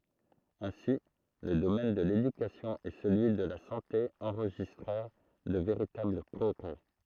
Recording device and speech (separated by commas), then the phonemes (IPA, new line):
throat microphone, read sentence
ɛ̃si lə domɛn də ledykasjɔ̃ e səlyi də la sɑ̃te ɑ̃ʁʒistʁɛʁ də veʁitabl pʁɔɡʁɛ